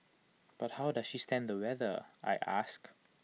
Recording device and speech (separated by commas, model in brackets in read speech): mobile phone (iPhone 6), read sentence